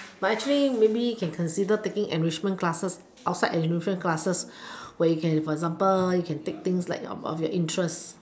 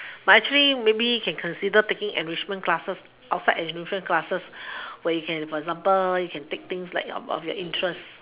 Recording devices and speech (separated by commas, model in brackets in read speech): standing microphone, telephone, conversation in separate rooms